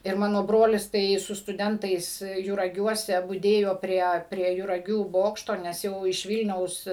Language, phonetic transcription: Lithuanian, ir ˈmano ˈbrolis tai su stuˈdentais juraˈgiuose buˈdėjo ˈprie prie juraˈgių ˈbokšto nes ˈjau iš ˈvylniaus

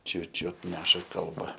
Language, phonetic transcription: Lithuanian, ˈčiu ˈčiut ˈneša kalˈba

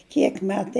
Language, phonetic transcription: Lithuanian, ˈkiek ˈmetai

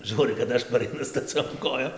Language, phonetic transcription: Lithuanian, ˈžūrɨ kad ˈaš paraiˈnu staˈciom ˈkojom

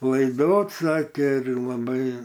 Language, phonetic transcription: Lithuanian, laiˈdot ˈsakė ir laˈbai

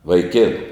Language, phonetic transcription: Lithuanian, vaiˈkėnu

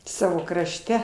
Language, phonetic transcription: Lithuanian, ˈsavo krašˈte

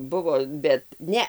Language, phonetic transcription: Lithuanian, ˈbuvo bet ˈne

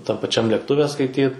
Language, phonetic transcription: Lithuanian, tam paˈčiam lėkˈtuve skaiˈtyt

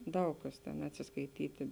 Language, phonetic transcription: Lithuanian, ˈdaug kas ten atsiskaiˈtyti

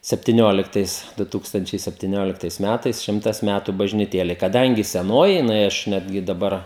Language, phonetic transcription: Lithuanian, septiˈnioliktais ˈdu ˈtūkstančiai septiˈnioliktais ˈmætais ˈšimtas ˈmætu bažniˈtėlei kaˈdangi seˈnoji jiˈnai ˈaš ˈnetgi daˈbar

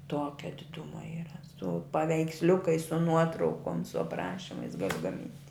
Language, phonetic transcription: Lithuanian, ˈtuokia diˈduma yra su paveiksˈliukais su ˈnuotraukom su apˈrašimais ˈgali gaˈmint'

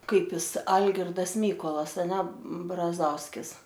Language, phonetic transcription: Lithuanian, ˈkaip ˈjis ˈalgirdas ˈmykolas aˈne braˈzauskis

